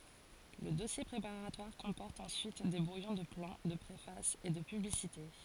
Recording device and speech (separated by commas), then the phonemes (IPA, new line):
forehead accelerometer, read sentence
lə dɔsje pʁepaʁatwaʁ kɔ̃pɔʁt ɑ̃syit de bʁujɔ̃ də plɑ̃ də pʁefas e də pyblisite